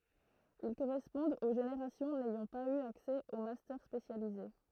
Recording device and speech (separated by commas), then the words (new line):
throat microphone, read sentence
Ils correspondent aux générations n'ayant pas eu accès aux Master spécialisés.